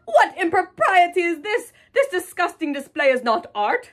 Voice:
Snob voice